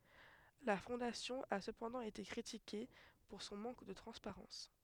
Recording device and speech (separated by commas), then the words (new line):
headset microphone, read sentence
La Fondation a cependant été critiquée pour son manque de transparence.